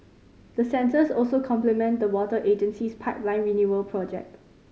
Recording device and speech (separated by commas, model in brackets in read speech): mobile phone (Samsung C5010), read sentence